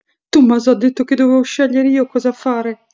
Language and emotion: Italian, fearful